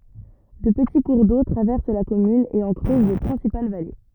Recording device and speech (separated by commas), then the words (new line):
rigid in-ear microphone, read sentence
Deux petits cours d'eau traversent la commune et en creusent les principales vallées.